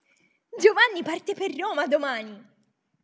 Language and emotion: Italian, happy